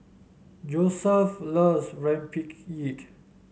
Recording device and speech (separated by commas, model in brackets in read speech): mobile phone (Samsung S8), read sentence